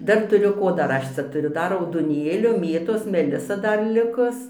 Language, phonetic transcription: Lithuanian, ˈdar tuˈriu ˈko ˈdar ˈaš cia tuˈriu ˈdar raudoˈnėlio ˈmėtos meˈlisa ˈdar ˈlikus

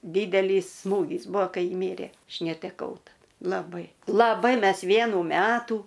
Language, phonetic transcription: Lithuanian, ˈdydelys ˈsmūgys ˈbuo ˈkai ji ˈmyrė ˈaš neteˈkau taˈda laˈbai laˈbai ˈmes ˈvienų ˈmetų

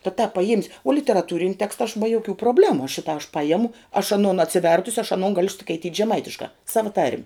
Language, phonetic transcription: Lithuanian, ta tāp paˈjiemis' o literaˈtūrini ˈteksta aš ba joˈkių proˈblemu ˈšitą aš ˈpajemu aš aˈnon atsiˈvertusi aš aˈnon ˈgaliu skaiˈtyt' žeˈmaitiškā ˈsava tarm'

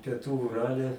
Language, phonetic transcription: Lithuanian, pieˈtų uˈrale

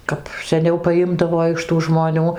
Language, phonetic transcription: Lithuanian, ˈkap seˈniau paˈjimdavo iš tų žmoˈnių

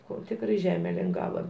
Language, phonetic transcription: Lithuanian, ˈko ˈtikrai ˈžeme linˈgava

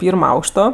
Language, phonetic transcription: Lithuanian, ˈpyrmo ˈaukšto

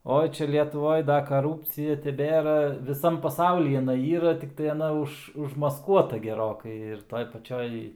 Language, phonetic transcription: Lithuanian, ˈoi ˈčia lietuˈvoj ˈda kaˈrūpcija teˈbėra viˈsam paˈsauly iˈnai ˈyra tikˈtai aˈna ˈuž užmasˈkuota geˈrokai ir ˈtoj paˈčioj

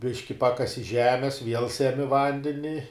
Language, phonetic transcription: Lithuanian, ˈbiški ˈpakasi ˈžemes viel seˈmi ˈvandeni

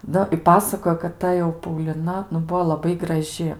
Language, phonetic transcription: Lithuanian, ˈnu i ˈpasakojo kad ˈta jau pauliˈna nu ˈbuo laˈbai graˈži

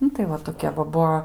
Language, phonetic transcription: Lithuanian, ˈnu tai ˈva toˈkia va ˈbuo

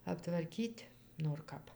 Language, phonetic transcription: Lithuanian, aptvarˈkyt' nor ˈkap

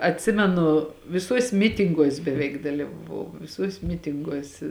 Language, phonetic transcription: Lithuanian, atˈsimenu viˈsuos' ˈmitinguos' beˈveik dalyvaˈvau ˈvisuos' ˈmitinguos

